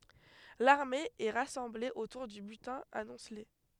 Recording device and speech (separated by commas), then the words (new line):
headset microphone, read sentence
L’armée est rassemblée autour du butin amoncelé.